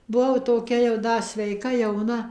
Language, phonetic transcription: Lithuanian, buˈvau toˈkia jau ˈda sveiˈka jauˈna

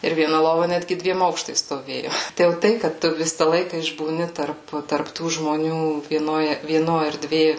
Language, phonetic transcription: Lithuanian, ir vieˈna ˈlova ˈnætgi ˈdviem ˈaukštais stoˈvėjo ˈtai jau ˈtai kad ˈtu ˈvisa ˈlaika išbūˈni tarp tarp ˈtų žmoˈnių vieˈnoj vieˈno erˈdvė

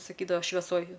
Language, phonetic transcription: Lithuanian, saˈkydava šveˈsoj

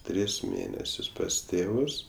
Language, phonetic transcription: Lithuanian, ˈtris ˈmėnesius pas ˈtėvus

